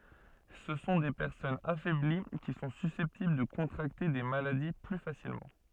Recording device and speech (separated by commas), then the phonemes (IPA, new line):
soft in-ear microphone, read sentence
sə sɔ̃ de pɛʁsɔnz afɛbli ki sɔ̃ sysɛptibl də kɔ̃tʁakte de maladi ply fasilmɑ̃